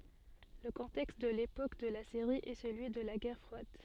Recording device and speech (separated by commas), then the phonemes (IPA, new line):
soft in-ear microphone, read sentence
lə kɔ̃tɛkst də lepok də la seʁi ɛ səlyi də la ɡɛʁ fʁwad